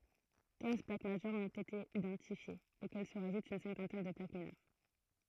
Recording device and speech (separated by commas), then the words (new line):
throat microphone, read sentence
Quinze plaques majeures ont été identifiées, auxquelles se rajoute une cinquantaine de plaques mineures.